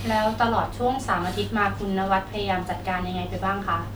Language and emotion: Thai, neutral